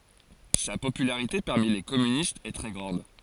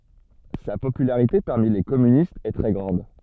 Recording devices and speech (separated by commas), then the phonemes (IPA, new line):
forehead accelerometer, soft in-ear microphone, read sentence
sa popylaʁite paʁmi le kɔmynistz ɛ tʁɛ ɡʁɑ̃d